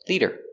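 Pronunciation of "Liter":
In 'liter', the t is said as a d sound, and the first syllable has a long e sound.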